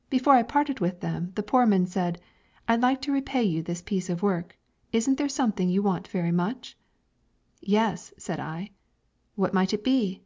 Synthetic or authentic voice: authentic